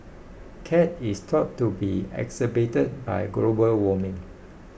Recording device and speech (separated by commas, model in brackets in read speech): boundary microphone (BM630), read sentence